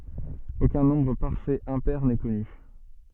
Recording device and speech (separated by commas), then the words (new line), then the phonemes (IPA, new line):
soft in-ear microphone, read sentence
Aucun nombre parfait impair n'est connu.
okœ̃ nɔ̃bʁ paʁfɛt ɛ̃pɛʁ nɛ kɔny